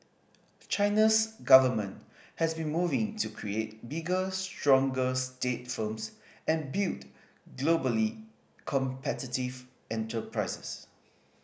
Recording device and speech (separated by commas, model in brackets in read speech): boundary microphone (BM630), read sentence